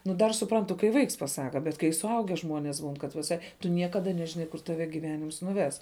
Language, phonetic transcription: Lithuanian, nu ˈdar suˈprantu kai ˈvaiks paˈsaka bet kai suˈauge ˈžmonės būn kad viˈsai tu ˈniekada nežiˈnai kur taˈve gyˈvenims nuˈves

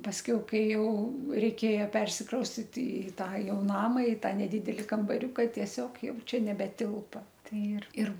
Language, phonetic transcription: Lithuanian, pasˈkiau ˈkai ˈjau reiˈkėja ˈpersikraustit ˈi ˈtą ˈjau ˈnama i ˈtą neˈdideli kambaˈriuka tieˈsiog ˈjau ˈčia nebeˈtilpa ˈtai ir ir

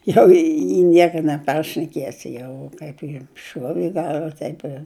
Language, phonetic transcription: Lithuanian, ˈjau i ˈnieka neˈparšnekiesi ˈjau ˈkaip jam ˈšuovi i ˈgalva ˈtaip ir

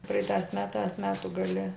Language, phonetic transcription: Lithuanian, ˈpraitās ˈmetās ˈmetu gaˈli

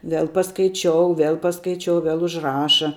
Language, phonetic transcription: Lithuanian, ˈvel paskaiˈčiou ˈvel paskaiˈčiou ˈvel užˈraša

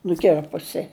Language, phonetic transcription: Lithuanian, nuˈkirpusi

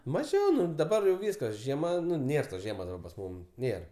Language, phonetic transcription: Lithuanian, maˈžiau ˈnu daˈbar jau ˈvyskas žieˈma ˈnu ˈnėr tos ˈžiemos daˈba pas ˈmūm ˈnėr

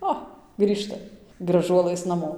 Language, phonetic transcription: Lithuanian, ˈo ˈgrįžta graˈžuolɘs naˈmo

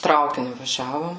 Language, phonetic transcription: Lithuanian, ˈtraukiniu vaˈžiavom

